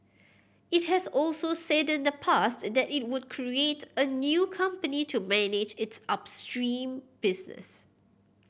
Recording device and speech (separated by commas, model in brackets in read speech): boundary microphone (BM630), read sentence